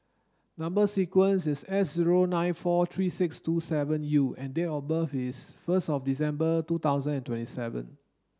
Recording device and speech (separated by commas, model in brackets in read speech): standing microphone (AKG C214), read sentence